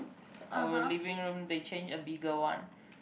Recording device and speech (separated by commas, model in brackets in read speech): boundary microphone, conversation in the same room